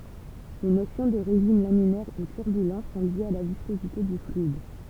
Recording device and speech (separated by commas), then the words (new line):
temple vibration pickup, read sentence
Les notions de régime laminaire ou turbulent sont liées à la viscosité du fluide.